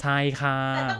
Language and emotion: Thai, frustrated